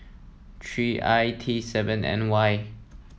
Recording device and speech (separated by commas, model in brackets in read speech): mobile phone (iPhone 7), read sentence